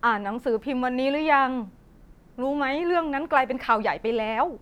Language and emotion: Thai, neutral